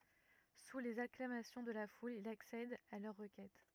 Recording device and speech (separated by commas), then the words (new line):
rigid in-ear microphone, read sentence
Sous les acclamations de la foule, il accède à leur requête.